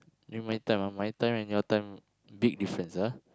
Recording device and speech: close-talking microphone, conversation in the same room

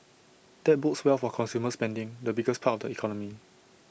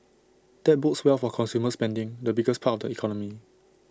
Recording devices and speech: boundary microphone (BM630), standing microphone (AKG C214), read sentence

